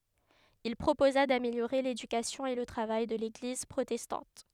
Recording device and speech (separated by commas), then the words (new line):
headset microphone, read sentence
Il proposa d'améliorer l'éducation et le travail de l'église protestante.